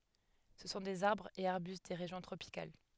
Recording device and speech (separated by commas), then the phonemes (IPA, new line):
headset microphone, read sentence
sə sɔ̃ dez aʁbʁz e aʁbyst de ʁeʒjɔ̃ tʁopikal